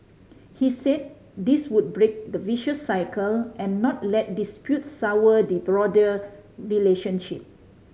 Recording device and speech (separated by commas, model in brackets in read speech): mobile phone (Samsung C5010), read sentence